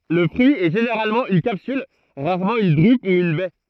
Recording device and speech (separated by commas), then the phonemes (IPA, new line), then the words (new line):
throat microphone, read sentence
lə fʁyi ɛ ʒeneʁalmɑ̃ yn kapsyl ʁaʁmɑ̃ yn dʁyp u yn bɛ
Le fruit est généralement une capsule, rarement une drupe ou une baie.